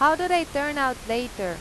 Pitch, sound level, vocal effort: 270 Hz, 93 dB SPL, loud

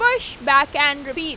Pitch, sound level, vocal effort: 290 Hz, 97 dB SPL, loud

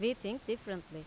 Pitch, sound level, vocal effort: 210 Hz, 87 dB SPL, loud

